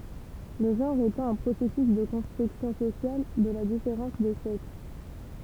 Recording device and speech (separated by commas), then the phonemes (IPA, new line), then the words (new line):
temple vibration pickup, read sentence
lə ʒɑ̃ʁ etɑ̃ œ̃ pʁosɛsys də kɔ̃stʁyksjɔ̃ sosjal də la difeʁɑ̃s de sɛks
Le genre étant un processus de construction sociale de la différence des sexes.